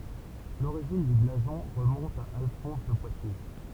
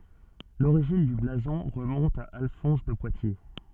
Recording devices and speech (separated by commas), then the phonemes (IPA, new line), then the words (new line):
temple vibration pickup, soft in-ear microphone, read sentence
loʁiʒin dy blazɔ̃ ʁəmɔ̃t a alfɔ̃s də pwatje
L'origine du blason remonte à Alphonse de Poitiers.